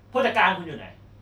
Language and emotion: Thai, angry